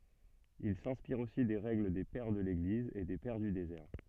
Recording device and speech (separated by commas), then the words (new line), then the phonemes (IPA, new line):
soft in-ear microphone, read sentence
Ils s'inspirent aussi des règles des Pères de l'Église et des Pères du désert.
il sɛ̃spiʁt osi de ʁɛɡl de pɛʁ də leɡliz e de pɛʁ dy dezɛʁ